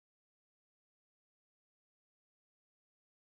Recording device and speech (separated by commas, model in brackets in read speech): close-talking microphone, conversation in the same room